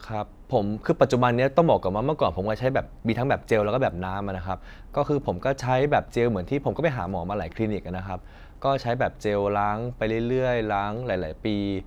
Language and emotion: Thai, neutral